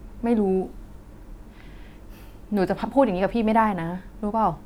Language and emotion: Thai, frustrated